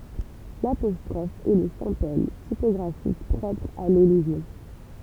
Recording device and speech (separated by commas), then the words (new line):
temple vibration pickup, read sentence
L’apostrophe est le symbole typographique propre à l’élision.